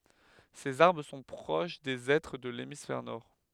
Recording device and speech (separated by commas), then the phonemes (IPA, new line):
headset microphone, read sentence
sez aʁbʁ sɔ̃ pʁoʃ de ɛtʁ də lemisfɛʁ nɔʁ